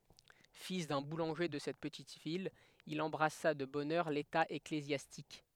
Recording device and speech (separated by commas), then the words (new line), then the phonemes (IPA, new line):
headset microphone, read sentence
Fils d'un boulanger de cette petite ville, il embrassa de bonne heure l'état ecclésiastique.
fil dœ̃ bulɑ̃ʒe də sɛt pətit vil il ɑ̃bʁasa də bɔn œʁ leta eklezjastik